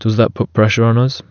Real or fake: real